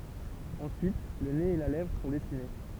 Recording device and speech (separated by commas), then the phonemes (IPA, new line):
temple vibration pickup, read sentence
ɑ̃syit lə nez e la lɛvʁ sɔ̃ dɛsine